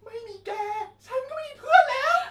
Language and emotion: Thai, happy